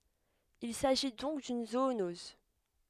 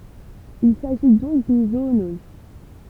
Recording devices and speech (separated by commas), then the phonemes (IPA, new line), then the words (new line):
headset microphone, temple vibration pickup, read sentence
il saʒi dɔ̃k dyn zoonɔz
Il s'agit donc d'une zoonose.